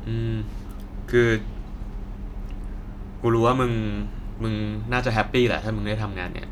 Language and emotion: Thai, neutral